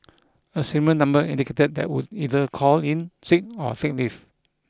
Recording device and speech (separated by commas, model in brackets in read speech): close-talking microphone (WH20), read sentence